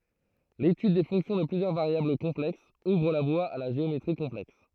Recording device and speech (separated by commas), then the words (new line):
throat microphone, read sentence
L'étude des fonctions de plusieurs variables complexes ouvre la voie à la géométrie complexe.